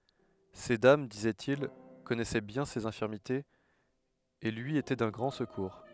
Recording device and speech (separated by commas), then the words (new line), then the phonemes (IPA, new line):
headset microphone, read sentence
Ces dames, disait-il, connaissaient bien ses infirmités et lui étaient d’un grand secours.
se dam dizɛtil kɔnɛsɛ bjɛ̃ sez ɛ̃fiʁmitez e lyi etɛ dœ̃ ɡʁɑ̃ səkuʁ